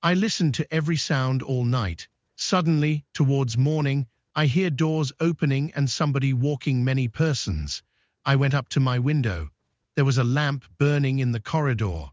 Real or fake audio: fake